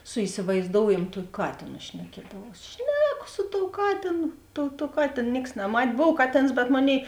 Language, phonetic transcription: Lithuanian, su isiˈvaizdoujamu ˈtuok' ˈkatėno šneˈkiedavaus ˈšneko su tou ˈkatėnu tuo tuo ˈkatėn ˈnieks naˈmat' ˈbov ˈkaˌtėns bet ˈmoˌnėi

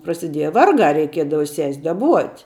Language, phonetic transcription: Lithuanian, prasiˈdieja ˈvargā reiˈkiedava ses' daˈbuot'

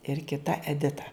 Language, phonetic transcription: Lithuanian, ir kiˈta eˈdita

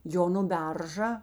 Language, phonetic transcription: Lithuanian, ˈjo nu ˈberža

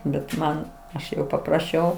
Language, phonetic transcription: Lithuanian, bet ˈman ˈaš jau papraˈšiau

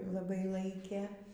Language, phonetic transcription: Lithuanian, laˈbai ˈlaikė

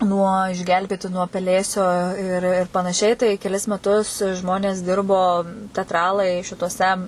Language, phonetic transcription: Lithuanian, nuo išˈgelbėti nuo peˈlėsio ir ir panaˈšiai tai keˈlis meˈtus ˈžmonės ˈdirbo tetˈralai šituoˈse

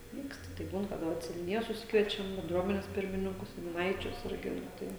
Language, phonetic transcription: Lithuanian, ˈvykst tai ˈbūn kaˈda vat seniuˈnijos suˈsikviečiam benˈdruomenės ˈpirmininkus seniuˈnaičius ˈirgi nu ˈtai

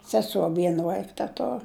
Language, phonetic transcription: Lithuanian, seˈso ˈvien ˈvaik teˈtor

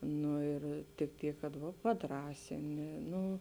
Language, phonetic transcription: Lithuanian, ˈnu ir tik ˈtyk kad ˈva paˈdrąsini ˈnu

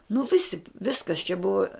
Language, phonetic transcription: Lithuanian, nu ˈvisi ˈviskas čia ˈbuva

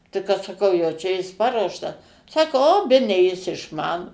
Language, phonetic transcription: Lithuanian, tai kad saˈkau jau ˈčia ˈjis ˈparuoštas ˈsako o ˈbene jis išˈmano

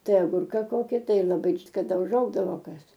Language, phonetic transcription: Lithuanian, ˈtai aˈgurka ˈkoki ˈtai laˈbai kaˈda uˈžaugdavo ˈkas

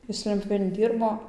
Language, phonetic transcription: Lithuanian, ˈjis ˈlentpjūvėn ˈdyrbo

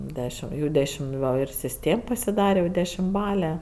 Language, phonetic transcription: Lithuanian, ˈdešim jau ˈdešim ˈgal' ir sisˈtėm pasiˈdare jau dešimˈbale

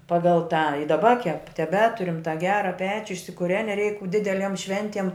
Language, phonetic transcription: Lithuanian, ˈpagal tą i daˈba kep teˈbeturim tą ˈgera ˈpečiu išsikuˈreni reik ˈdideliem ˈšventiem

